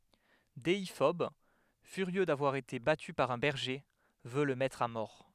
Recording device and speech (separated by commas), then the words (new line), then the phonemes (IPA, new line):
headset microphone, read sentence
Déiphobe, furieux d'avoir été battu par un berger, veut le mettre à mort.
deifɔb fyʁjø davwaʁ ete baty paʁ œ̃ bɛʁʒe vø lə mɛtʁ a mɔʁ